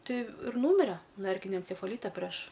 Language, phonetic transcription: Lithuanian, ˈtai ir ˈnūmire nuo ˈerkinio encefaˈlyta preš

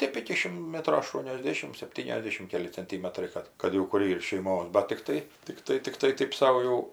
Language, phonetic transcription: Lithuanian, ˈtėp iki ˈšim ˈmetro aˌštuoniosˈdėšim sepˈtyniasˌdešim ˈkeli cenˈtymetrai ˈkad kad jau ˈkur ˈyr šeiˈmos ˈbat tikˈtai tikˈtai tikˈtai ˈtaip ˈsau jau

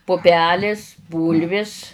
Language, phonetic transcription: Lithuanian, puˈpelės ˈbūlvis

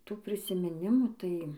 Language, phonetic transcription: Lithuanian, ˈtų prisimiˈnimų ˈtai

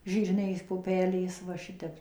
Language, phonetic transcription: Lithuanian, ˈžyr niai puˈpelės va ˈšitep

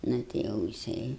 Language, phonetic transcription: Lithuanian, ˈnu ti ˈjau jiˈsai

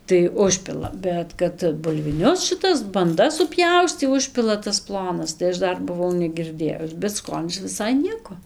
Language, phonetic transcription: Lithuanian, tai ˈužpila ˈbet kad bulviˈnius šiˈtas banˈdas suˈpjaustį ˈužpila tas ˈplonas tai ˈaš ˈdar buˈvau negirˈdėjus bet ˈskonis viˈsai ˈnieko

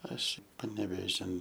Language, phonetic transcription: Lithuanian, ˈaš panevėˈžin

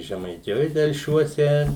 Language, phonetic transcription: Lithuanian, žemaiˈtijoj telˈšiuose

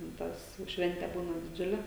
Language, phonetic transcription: Lithuanian, ten ˈtas jau ˈšvente ˈbūna diˈdžiule

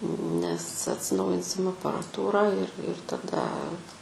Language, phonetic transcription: Lithuanian, nes atsiˈnaujinsim aparaˈtūrą ir ir taˈda

